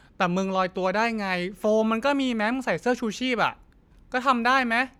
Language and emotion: Thai, angry